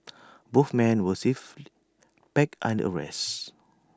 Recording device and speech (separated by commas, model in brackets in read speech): standing microphone (AKG C214), read sentence